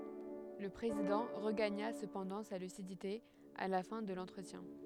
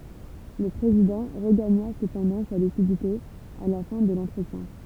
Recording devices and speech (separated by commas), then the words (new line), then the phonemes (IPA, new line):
headset microphone, temple vibration pickup, read sentence
Le président regagna cependant sa lucidité à la fin de l'entretien.
lə pʁezidɑ̃ ʁəɡaɲa səpɑ̃dɑ̃ sa lysidite a la fɛ̃ də lɑ̃tʁətjɛ̃